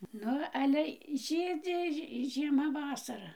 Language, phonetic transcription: Lithuanian, ˈnu ˈale ˈžydzi ži žieˈma ˈvasara

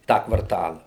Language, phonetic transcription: Lithuanian, ˈtą kvarˈtala

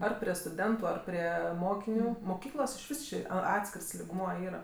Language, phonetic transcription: Lithuanian, ˈar prie stuˈdentu ˈar prie ˈmokiniu moˈkyklos išˈvis ˈči a ˈatskirs ligˈmuo ˈyra

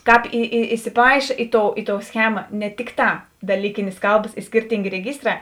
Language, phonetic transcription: Lithuanian, ˈkāp i i isiˈpaiša ˈi ˌtou ˈi ˌtou ˈschema ne ˈtikˌtā daˈlykinės ˈkalbas i ˈskirtingė reˈgiˌstrā

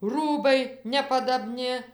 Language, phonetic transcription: Lithuanian, ˈrūbai nepadaˈbni

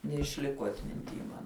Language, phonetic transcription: Lithuanian, neišˈliko atminˈty man

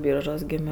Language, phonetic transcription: Lithuanian, ˈbyržuos ˈgėmio

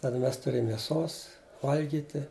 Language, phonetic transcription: Lithuanian, ˈtada ˈmes tuˈrėm mėˈsos ˈvalgyti

